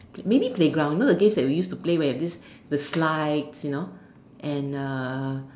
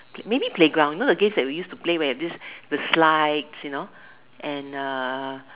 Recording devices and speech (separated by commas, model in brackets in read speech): standing microphone, telephone, conversation in separate rooms